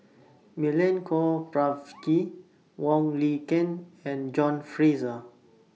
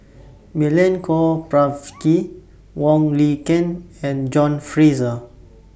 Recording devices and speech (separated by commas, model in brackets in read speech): mobile phone (iPhone 6), boundary microphone (BM630), read sentence